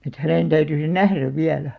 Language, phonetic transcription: Finnish, et 'hänèn täyty se "nähräv 'viälä .
- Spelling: että hänen täytyi se nähdä vielä

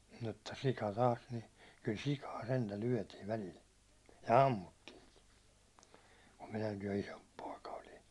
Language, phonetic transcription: Finnish, mutta 'sika 'taas ni , kyl "sikaa 'sentä 'lyätiv välil , ja "ammuttiiŋki , kum 'minäkij jo 'isomp pòika olin̬ .
- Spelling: mutta sika taas niin kyllä sikaa sentään lyötiin välillä ja ammuttiinkin kun minäkin jo isompi poika olin

